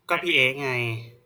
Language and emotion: Thai, neutral